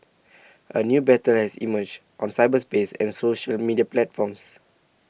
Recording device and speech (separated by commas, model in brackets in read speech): boundary microphone (BM630), read sentence